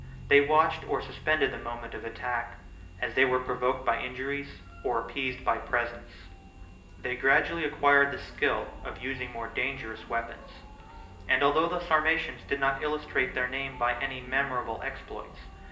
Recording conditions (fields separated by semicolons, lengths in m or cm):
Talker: one person; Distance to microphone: 1.8 m; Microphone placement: close; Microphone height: 1.0 m; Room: large; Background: music